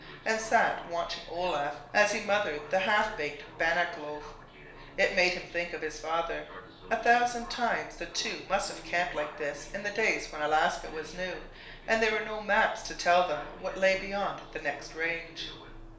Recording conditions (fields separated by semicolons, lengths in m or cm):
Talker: one person; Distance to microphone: 1.0 m; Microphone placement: close; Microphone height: 1.1 m; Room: small (3.7 m by 2.7 m); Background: television